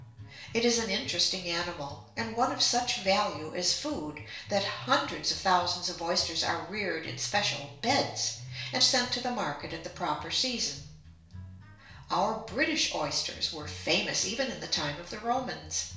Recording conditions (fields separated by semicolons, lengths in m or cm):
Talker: one person; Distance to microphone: 1.0 m; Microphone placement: close; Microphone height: 1.1 m; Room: small (3.7 m by 2.7 m); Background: music